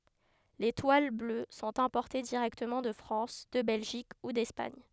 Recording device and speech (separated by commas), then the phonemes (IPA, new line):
headset microphone, read sentence
le twal blø sɔ̃t ɛ̃pɔʁte diʁɛktəmɑ̃ də fʁɑ̃s də bɛlʒik u dɛspaɲ